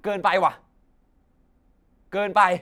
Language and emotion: Thai, angry